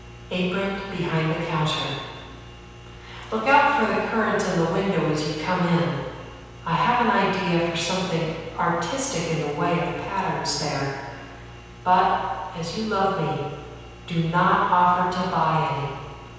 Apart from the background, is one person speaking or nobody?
One person.